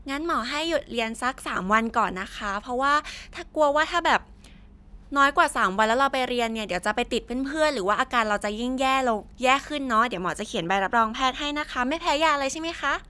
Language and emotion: Thai, happy